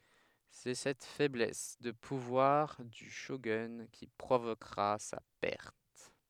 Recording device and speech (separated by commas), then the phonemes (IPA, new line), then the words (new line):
headset microphone, read sentence
sɛ sɛt fɛblɛs də puvwaʁ dy ʃoɡœ̃ ki pʁovokʁa sa pɛʁt
C'est cette faiblesse de pouvoir du shogun qui provoquera sa perte.